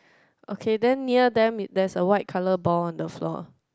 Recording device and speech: close-talking microphone, conversation in the same room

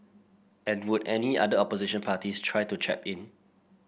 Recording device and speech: boundary microphone (BM630), read sentence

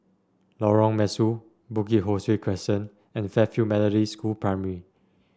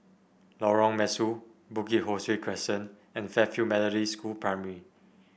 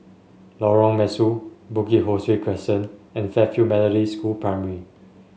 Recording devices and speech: standing microphone (AKG C214), boundary microphone (BM630), mobile phone (Samsung S8), read sentence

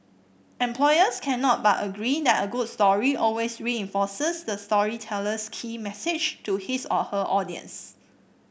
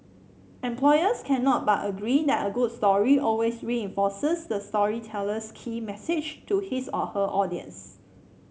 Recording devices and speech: boundary microphone (BM630), mobile phone (Samsung C7), read sentence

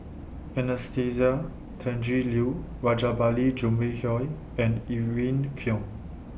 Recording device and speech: boundary microphone (BM630), read sentence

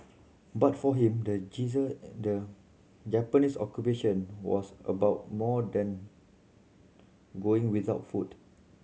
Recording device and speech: mobile phone (Samsung C7100), read sentence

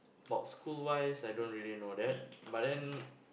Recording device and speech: boundary microphone, conversation in the same room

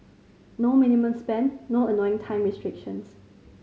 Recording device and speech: mobile phone (Samsung C5010), read sentence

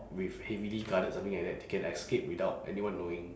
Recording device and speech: standing microphone, conversation in separate rooms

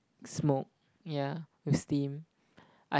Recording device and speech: close-talking microphone, conversation in the same room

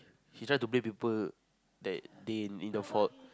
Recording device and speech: close-talking microphone, conversation in the same room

